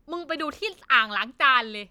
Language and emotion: Thai, angry